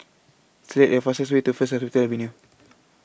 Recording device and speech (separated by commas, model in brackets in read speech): boundary microphone (BM630), read sentence